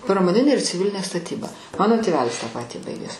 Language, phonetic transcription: Lithuanian, pramoˈninė ir ciˈvilinė staˈtyba ˈmano tėˈvelis tą ˈpatį ˈbaigęs

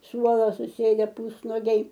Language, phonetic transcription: Lithuanian, ˈsuolo suˈsėde ˈpusnogiai

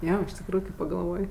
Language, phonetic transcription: Lithuanian, ˈjo iš tikˈrųju kai pagalˈvoj

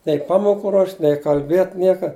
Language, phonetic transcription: Lithuanian, nei ˈpamoku ruošt' nei kalˈbėt' ˈnieka

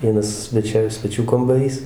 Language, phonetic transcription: Lithuanian, ˈvienas sveˈčia sveˈčių kambaˈrys

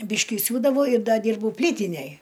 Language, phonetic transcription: Lithuanian, ˈbyški ˈsiūdavau ir ˈda ˈdyrbau ˈplytinej

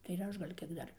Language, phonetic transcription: Lithuanian, tai ir ˈaš gal' ˈkiek ˈdar

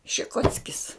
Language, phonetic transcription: Lithuanian, šiˈkockis

